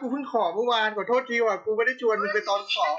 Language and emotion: Thai, sad